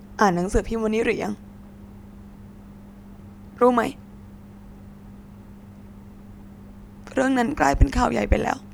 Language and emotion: Thai, sad